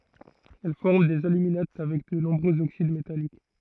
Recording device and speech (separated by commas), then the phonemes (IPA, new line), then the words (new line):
throat microphone, read sentence
ɛl fɔʁm dez alyminat avɛk də nɔ̃bʁøz oksid metalik
Elle forme des aluminates avec de nombreux oxydes métalliques.